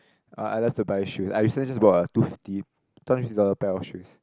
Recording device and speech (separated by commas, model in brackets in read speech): close-talking microphone, conversation in the same room